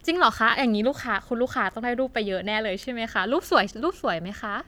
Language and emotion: Thai, happy